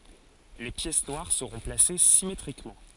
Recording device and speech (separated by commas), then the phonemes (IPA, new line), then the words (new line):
forehead accelerometer, read sentence
le pjɛs nwaʁ səʁɔ̃ plase simetʁikmɑ̃
Les pièces noires seront placées symétriquement.